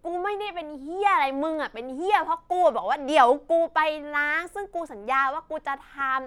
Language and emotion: Thai, angry